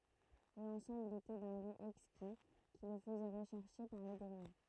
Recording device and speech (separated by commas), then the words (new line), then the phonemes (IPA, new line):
throat microphone, read sentence
L'ensemble était d'un goût exquis qui le faisait rechercher par les gourmets.
lɑ̃sɑ̃bl etɛ dœ̃ ɡu ɛkski ki lə fəzɛ ʁəʃɛʁʃe paʁ le ɡuʁmɛ